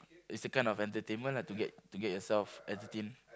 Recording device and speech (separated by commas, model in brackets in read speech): close-talking microphone, conversation in the same room